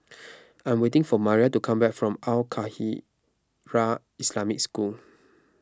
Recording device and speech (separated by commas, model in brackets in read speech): close-talking microphone (WH20), read sentence